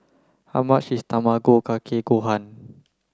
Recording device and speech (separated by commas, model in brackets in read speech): close-talking microphone (WH30), read sentence